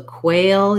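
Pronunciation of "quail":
'Quail' is long because of its A diphthong, and it ends in a dark L with a little bit of a schwa before it.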